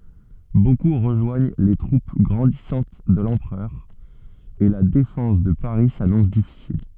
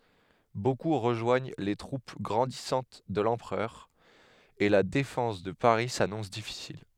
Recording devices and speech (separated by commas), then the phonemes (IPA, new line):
soft in-ear microphone, headset microphone, read sentence
boku ʁəʒwaɲ le tʁup ɡʁɑ̃disɑ̃t də lɑ̃pʁœʁ e la defɑ̃s də paʁi sanɔ̃s difisil